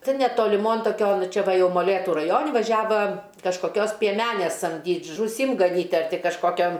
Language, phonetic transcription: Lithuanian, ˈtin netoliˈmon toˈkion ˈčia ˈva ˈjau moˈlėtu raˈjoni vaˈžiava kažkoˈkios pieˈmenės samˈdyt' žųˈsim gaˈnyt' ar ˈti kažˈkokiam

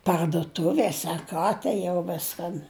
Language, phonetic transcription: Lithuanian, parduˈtuvės' ar ˈką tai jau ˈviskan

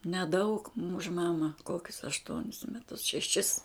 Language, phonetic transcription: Lithuanian, neˈdaug už ˈmama ˈkokius ašˈtuonis meˈtus šeˈšis

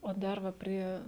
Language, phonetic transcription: Lithuanian, o ˈdar va ˈprie

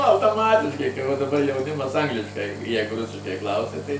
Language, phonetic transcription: Lithuanian, autoˈmatiškai kai va daˈbar jauˈnimas ˈangliškai ˈjeigu ˈrusiškai ˈklausia tai

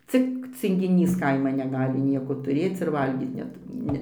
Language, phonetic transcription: Lithuanian, ˈcik cingiˈnys ˈkaiman neˈgali ˈnieko tuˈrėc ir ˈvalgyt ˈnet ˈne

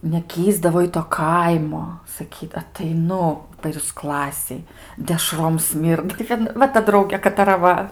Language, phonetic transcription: Lithuanian, neˈkįsdavo i ˈto ˈkaimo saˈkyd ateiˈnu per jūs ˈklasėj deˈšrom ˈsmyrda tai ˈkad ˈva ta ˈdraugė kataˈra ˈva

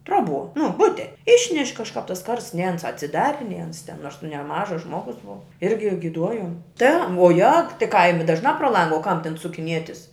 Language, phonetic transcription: Lithuanian, ˈtroˌbuo nu ˈbute ˈišneš' kažˈkāp tas ˈkarsts nei ˈans atsiˈdari nei ˈans ten ˈnors nu neˈmažas ˈžmogus ˈbuva ˈirgi giˈduojom te vuoˈjag ti ˈkaimi ˈdažnā pro ˈlanga o kam ten sukiˈnietis

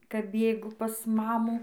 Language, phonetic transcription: Lithuanian, kap ˈbėgu pas ˈmamų

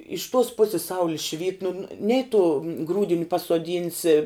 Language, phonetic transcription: Lithuanian, iš tuos ˈpusis ˈsauli švyt nu ˈnei tu ˈgrūdini pasuoˈdynsi

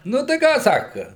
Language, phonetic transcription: Lithuanian, nu tai ˈką ˈsaka

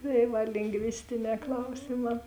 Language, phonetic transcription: Lithuanian, tai ˈva lingˈvistiˌnē ˈklausiˌmā

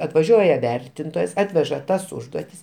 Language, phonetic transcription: Lithuanian, atvaˈžiuoja ˈvertintojas ˈatveža ˈtas ˈužduotis

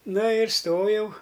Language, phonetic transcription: Lithuanian, ˈna ir ˈstojau

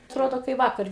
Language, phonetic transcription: Lithuanian, atˈrodo kai ˈvakar'

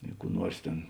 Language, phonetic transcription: Lithuanian, i kų ˈnuors ˈtėn

